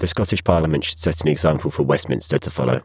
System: VC, spectral filtering